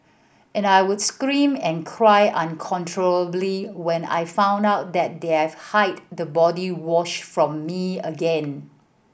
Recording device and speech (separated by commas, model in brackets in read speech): boundary microphone (BM630), read sentence